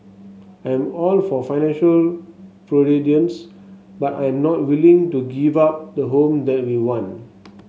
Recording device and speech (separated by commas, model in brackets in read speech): mobile phone (Samsung S8), read sentence